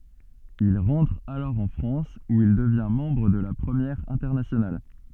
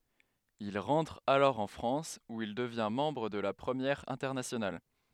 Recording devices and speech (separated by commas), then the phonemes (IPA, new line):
soft in-ear microphone, headset microphone, read sentence
il ʁɑ̃tʁ alɔʁ ɑ̃ fʁɑ̃s u il dəvjɛ̃ mɑ̃bʁ də la pʁəmjɛʁ ɛ̃tɛʁnasjonal